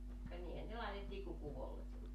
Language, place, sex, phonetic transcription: Finnish, Joutsa, female, ka niihän ne 'làetettii ku kuvollekki
- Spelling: ka niinhän ne laitettiin kuin kuvollekin

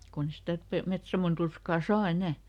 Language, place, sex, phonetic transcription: Finnish, Lieto, female, kunn ‿e ˈsitä Pe- , ˈMetsamon ˈturskà "saa "enä̀ !
- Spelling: kun ei sitä - Petsamon turskaa saa enää

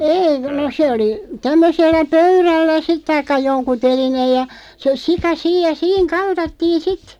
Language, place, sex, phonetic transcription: Finnish, Loppi, female, 'ei no 'se oli , 'tämmösellä "pöyrällä 'sit taikka 'joŋku 'telin(ee)j ja , sə 'sika "siij ja "siiŋ 'kaltattiin "sit .
- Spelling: ei no se oli tämmöisellä pöydällä sitten tai jonkun telineen ja se sika siinä ja siinä kaltattiin sitten

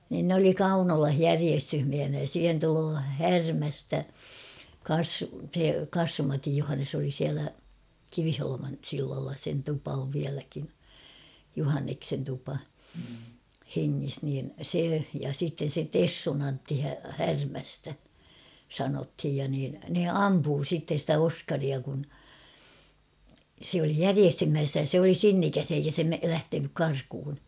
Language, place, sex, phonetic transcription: Finnish, Kauhava, female, niin n ‿oli "Kaunolah "järiestyhmiähinä ja 'siihen tuloo "Härmästä , 'kaas- se 'Kassum Matij Juhannes ‿oli siälä , 'Kiviholoman 'sillalla sen 'tupa ov 'viäläkin̬ , 'Juhanneksen tupa , 'heŋŋis niin 'se ja sitten̬ se "Tessun ‿Antti 'Härmästä , 'sanothij ja niin ne "ampuu sitte ‿stä "Oskaria kun , sᵉ ‿oli "järiestyhmiässä ja sᵉ ‿oli "sinnikäs ‿eikä se me- "lähtenyk 'karkᵘhun .
- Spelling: niin ne oli Kaunolassa järjestysmiehinä ja siihen tulee Härmästä - se Kassun Matin Johannes oli siellä Kiviholman sillalla sen tupa on vieläkin Johanneksen tupa hengissä niin se ja sitten se Tessun Antti Härmästä sanottiin ja niin ne ampui sitten sitä Oskaria kun se oli järjestysmies ja se oli sinnikäs eikä se - lähtenyt karkuun

